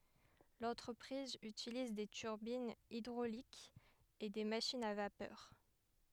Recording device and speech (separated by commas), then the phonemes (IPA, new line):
headset microphone, read sentence
lɑ̃tʁəpʁiz ytiliz de tyʁbinz idʁolikz e de maʃinz a vapœʁ